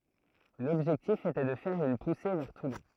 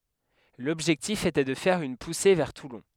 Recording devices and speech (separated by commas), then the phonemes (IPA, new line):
throat microphone, headset microphone, read sentence
lɔbʒɛktif etɛ də fɛʁ yn puse vɛʁ tulɔ̃